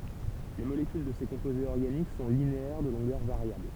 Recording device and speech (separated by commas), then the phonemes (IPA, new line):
temple vibration pickup, read sentence
le molekyl də se kɔ̃pozez ɔʁɡanik sɔ̃ lineɛʁ də lɔ̃ɡœʁ vaʁjabl